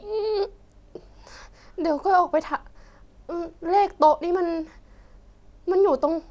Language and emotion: Thai, sad